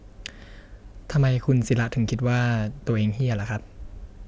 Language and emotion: Thai, neutral